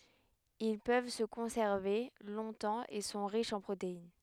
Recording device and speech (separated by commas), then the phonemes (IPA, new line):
headset microphone, read sentence
il pøv sə kɔ̃sɛʁve lɔ̃tɑ̃ e sɔ̃ ʁiʃz ɑ̃ pʁotein